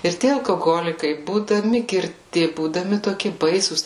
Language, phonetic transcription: Lithuanian, ir ˈtie alkoˈholikai būdaˈmi girˈti būdaˈmi toˈki ˈbaisūs

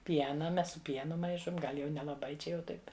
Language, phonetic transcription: Lithuanian, ˈpiena ˈmes su ˈpienu ˈmaišom ˈgal' jau nelaˈbai ˈčia jau ˈtaip'

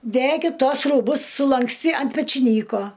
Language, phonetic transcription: Lithuanian, ˈdækit ˈtuos rūˈbus sulanksˈty ant pečiˈnyko

